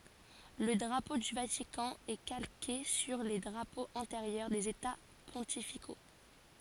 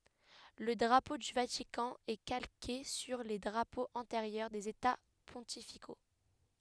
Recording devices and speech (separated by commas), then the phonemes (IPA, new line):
forehead accelerometer, headset microphone, read sentence
lə dʁapo dy vatikɑ̃ ɛ kalke syʁ le dʁapoz ɑ̃teʁjœʁ dez eta pɔ̃tifiko